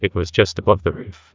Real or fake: fake